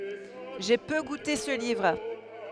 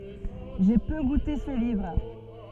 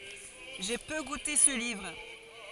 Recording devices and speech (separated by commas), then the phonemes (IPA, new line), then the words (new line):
headset microphone, soft in-ear microphone, forehead accelerometer, read sentence
ʒe pø ɡute sə livʁ
J’ai peu goûté ce livre.